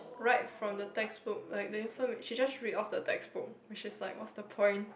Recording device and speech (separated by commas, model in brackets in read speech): boundary microphone, conversation in the same room